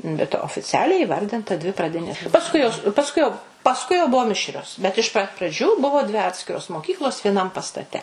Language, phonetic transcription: Lithuanian, bet ofiˈcialiai įˈvardinta ˈdvi praˈdinės pasˈkui jos pasˈkui jau pasˈkui jau ˈbuvo ˈmišrios bet iš pat praˈdžių ˈbuvo dvi ˈatskiros moˈkyklos vieˈnam pastaˈte

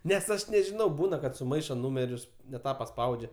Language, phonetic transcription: Lithuanian, nes ˈaš nežiˈnau ˈbūna kad suˈmaišo ˈnūmerius ne ˈtą paˈspaudžia

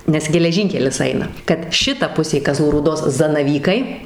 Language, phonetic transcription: Lithuanian, nes geleˈžynkelis ˈaina kad ˈšita ˈpusė kaˈzlų rūˈdos zanaˈvykai

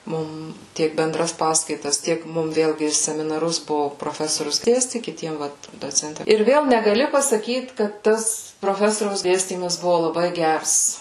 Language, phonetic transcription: Lithuanian, ˈmum ˈtiek benˈdras ˈpaskaitas ˈtiek ˈmum ˈvėlgi seminaˈrus ˈbuvo proˈfesorius ˈdėsti kiˈtiem ˈvat doˈcenti ir ˈvėl negaˈli pasaˈkyt kad ˈtas proˈfesoriaus ˈdėstymas ˈbuvo laˈbai ˈgers

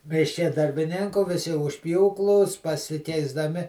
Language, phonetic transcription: Lithuanian, mišˈke darbiˈninkų viˈsi už ˈpjūklų s pasikeisdaˈmi

